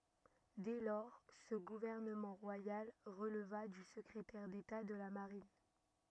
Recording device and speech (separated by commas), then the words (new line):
rigid in-ear microphone, read sentence
Dès lors, ce gouvernement royal releva du secrétaire d'État de la Marine.